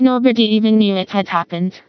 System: TTS, vocoder